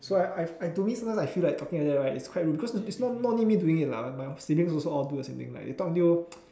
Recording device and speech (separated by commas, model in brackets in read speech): standing microphone, conversation in separate rooms